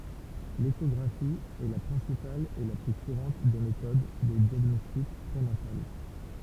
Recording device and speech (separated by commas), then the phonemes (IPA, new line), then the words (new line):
temple vibration pickup, read sentence
leʃɔɡʁafi ɛ la pʁɛ̃sipal e la ply kuʁɑ̃t de metod də djaɡnɔstik pʁenatal
L’échographie est la principale et la plus courante des méthodes de diagnostic prénatal.